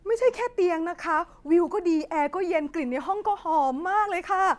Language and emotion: Thai, happy